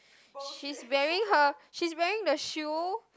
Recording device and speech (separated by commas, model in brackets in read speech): close-talking microphone, conversation in the same room